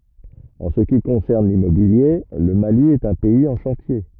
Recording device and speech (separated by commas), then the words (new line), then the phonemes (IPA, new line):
rigid in-ear microphone, read sentence
En ce qui concerne l'immobilier, le Mali est un pays en chantier.
ɑ̃ sə ki kɔ̃sɛʁn limmobilje lə mali ɛt œ̃ pɛiz ɑ̃ ʃɑ̃tje